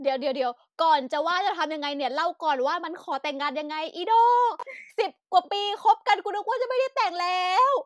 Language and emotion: Thai, happy